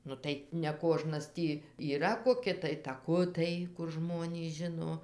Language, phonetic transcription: Lithuanian, ˈnu tai neˈkožnas ˈtį yˈra koˈki tai taˈkutai kur ˈžmonys ˈžino

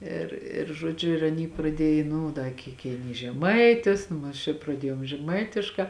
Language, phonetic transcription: Lithuanian, ir ir žoˈdžiu ir aˈny praˈdiej ˈnu da ˈkyk keiˈnys žeˈmaitis ˈnu aš ir praˈdiejom žeˈmaitiškā

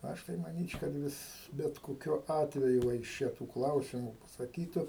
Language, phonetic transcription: Lithuanian, ˈaš tai manyč' kad ˈvis bet koˈkiu ˈatveju va iš ˈčia tų ˈklausimu pasaˈkytu

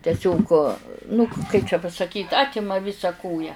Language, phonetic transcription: Lithuanian, ˈtesiog ˈnu kaip čia pasakyt ˈatima ˈvisa ˈkoja

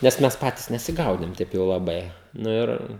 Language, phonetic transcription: Lithuanian, nes ˈmes ˈpatys nesiˈgaudėm ˈtaip jau laˈbai nu ˈir

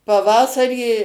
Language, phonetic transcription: Lithuanian, paˈvasarį

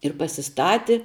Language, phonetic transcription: Lithuanian, ir pasiˈstati

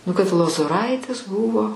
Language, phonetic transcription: Lithuanian, nu kad lozoˈraitis ˈbūvo

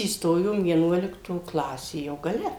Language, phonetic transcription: Lithuanian, įsˈtojom vieˈnuolikto ˈklasė jau gaˈle

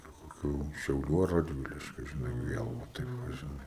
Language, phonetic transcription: Lithuanian, iki koˈkių šiauˈlių ar radˈviliškiu žiˈnai ˈviel va taip ˈva žiˈnai

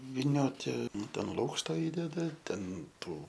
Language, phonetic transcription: Lithuanian, viˈnioti ˈnu ˈten ˈlūkšta ˈįdeda ˈten ˈtų

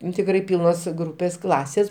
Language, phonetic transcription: Lithuanian, ˈnu tikˈrai ˈpylnos ˈgrūpės ˈklasės

